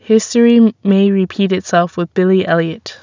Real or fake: real